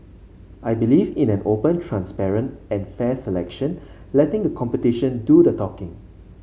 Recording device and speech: mobile phone (Samsung C5), read sentence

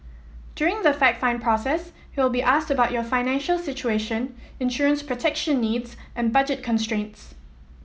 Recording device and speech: mobile phone (iPhone 7), read sentence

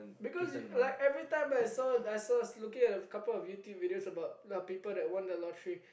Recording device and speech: boundary microphone, conversation in the same room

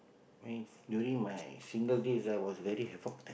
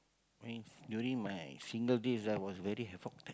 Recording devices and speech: boundary microphone, close-talking microphone, conversation in the same room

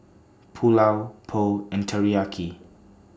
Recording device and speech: standing microphone (AKG C214), read sentence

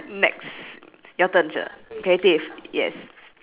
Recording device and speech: telephone, conversation in separate rooms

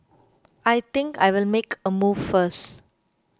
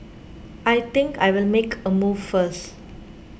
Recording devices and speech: close-talking microphone (WH20), boundary microphone (BM630), read sentence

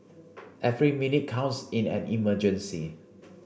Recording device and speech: boundary microphone (BM630), read sentence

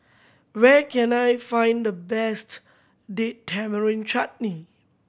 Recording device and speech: boundary microphone (BM630), read sentence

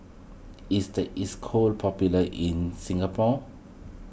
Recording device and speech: boundary microphone (BM630), read sentence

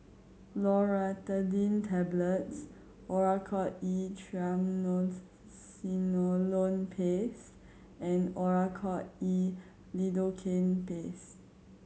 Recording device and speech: mobile phone (Samsung C7100), read sentence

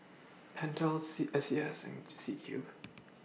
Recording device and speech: mobile phone (iPhone 6), read sentence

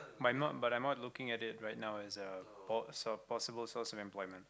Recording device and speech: close-talking microphone, conversation in the same room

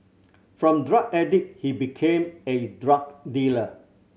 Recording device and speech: mobile phone (Samsung C7100), read sentence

